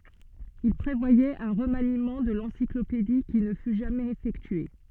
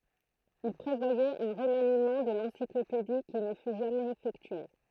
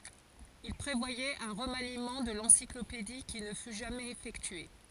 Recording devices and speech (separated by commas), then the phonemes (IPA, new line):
soft in-ear microphone, throat microphone, forehead accelerometer, read sentence
il pʁevwajɛt œ̃ ʁəmanimɑ̃ də lɑ̃siklopedi ki nə fy ʒamɛz efɛktye